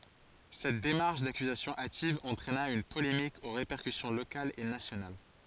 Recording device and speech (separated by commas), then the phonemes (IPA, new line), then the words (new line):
forehead accelerometer, read sentence
sɛt demaʁʃ dakyzasjɔ̃ ativ ɑ̃tʁɛna yn polemik o ʁepɛʁkysjɔ̃ lokalz e nasjonal
Cette démarche d'accusation hâtive entraîna une polémique aux répercussions locales et nationales.